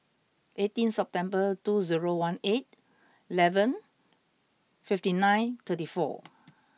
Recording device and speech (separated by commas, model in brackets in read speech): mobile phone (iPhone 6), read sentence